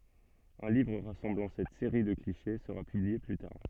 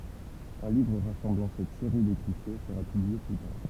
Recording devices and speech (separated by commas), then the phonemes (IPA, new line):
soft in-ear microphone, temple vibration pickup, read sentence
œ̃ livʁ ʁasɑ̃blɑ̃ sɛt seʁi də kliʃe səʁa pyblie ply taʁ